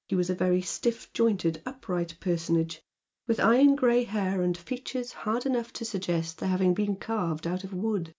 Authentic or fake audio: authentic